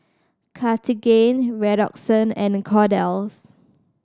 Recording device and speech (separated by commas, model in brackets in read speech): standing microphone (AKG C214), read sentence